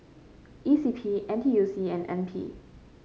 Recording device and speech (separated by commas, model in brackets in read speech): mobile phone (Samsung C5), read sentence